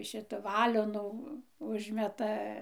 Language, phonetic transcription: Lithuanian, ˈšita ˈvalionų ˈužmeta

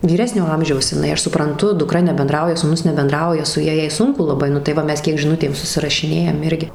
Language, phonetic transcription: Lithuanian, vyˈresnio ˈamžiaus iˈnai ˈaš supranˈtu duˈkra nebenˈdrauja sūˈnus nebenˈdrauja su ˈja ˈjai ˈsunku laˈbai nu tai ˈva ˈmes kiek žiˈnutėm susirašiˈnėjam ˈirgi

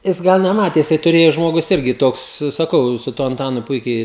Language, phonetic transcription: Lithuanian, ˈjis ˈgana ˈmatėsi tuˈrėju ˈžmogus ˈirgi ˈtoks saˈkau su ˈtuo anˈtanu ˈpuikiai

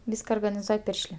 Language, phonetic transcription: Lithuanian, ˈvyska organiˈzuoj ˈpiršlė

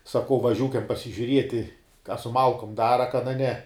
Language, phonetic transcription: Lithuanian, saˈkau vaˈžiūkiam pasižiuˈrieti ka su ˈmalkum ˈdara kan a ˈne

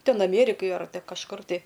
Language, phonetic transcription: Lithuanian, ˈten aˈmėrikaj ar kažˈkur tai

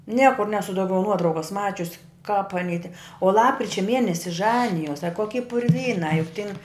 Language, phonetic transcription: Lithuanian, ˈniekur ˈnesu ˈdaugiau ˈnuotraukas ˈmačius kap aˈny te o ˈlapkričia ˈmienesi ˈžanijos a ˈkoki purˈvynā juk tin

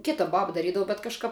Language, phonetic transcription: Lithuanian, ˈkita ˈbaba daˈrydavu bet kažˈkap

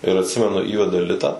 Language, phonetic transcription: Lithuanian, ir atˈsimenu ˈįveda ˈlita

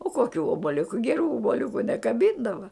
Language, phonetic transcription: Lithuanian, o koˈkių obaˈliuku geˈrų oboˈliuku nekaˈbyndava

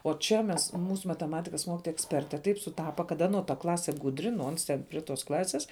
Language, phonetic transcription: Lithuanian, o ˈčia mes ˈmūsu mateˈmatikas ˈmokitoja eksˈperte ˈtaip suˈtapa kad ˈano ta ˈklase ˈgudri nu ˈons ˈten pri tos ˈklasės

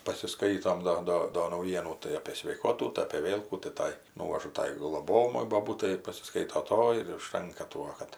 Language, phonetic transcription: Lithuanian, pasiˈskaitom ˈdo ˈdo do nauˈjienų tai apė sveiˈkotų tai apė ˈvėl kų tai ˈtai ˈnūvažu ˈtai gloˈbojamai boˈbūtai ir pasiˈskaito ˈtoji ir užˈtanka ˈtuo kad

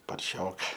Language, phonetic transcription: Lithuanian, parˈšioka

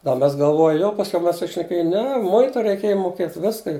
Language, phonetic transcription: Lithuanian, da ˈmes galˈvoju jau pasˈkiau ˈmes sušneˈkėju ˈne ˈmuitu reiˈkėja muoˈkėt ˈviska

